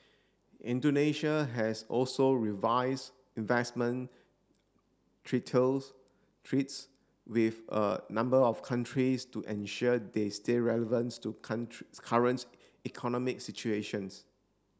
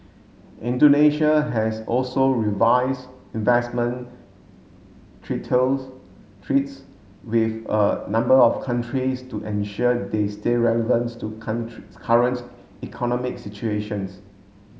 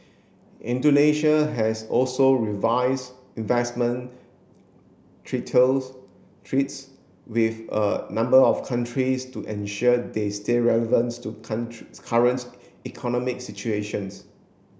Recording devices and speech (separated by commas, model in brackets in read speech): standing microphone (AKG C214), mobile phone (Samsung S8), boundary microphone (BM630), read sentence